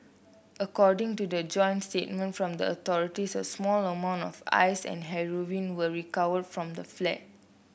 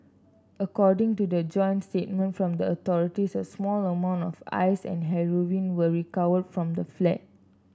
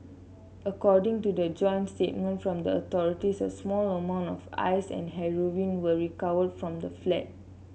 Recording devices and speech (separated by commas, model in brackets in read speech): boundary microphone (BM630), standing microphone (AKG C214), mobile phone (Samsung C7), read sentence